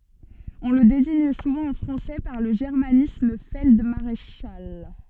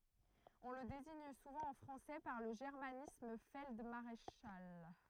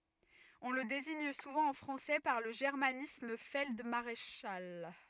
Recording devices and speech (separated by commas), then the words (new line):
soft in-ear microphone, throat microphone, rigid in-ear microphone, read sentence
On le désigne souvent en français par le germanisme feld-maréchal.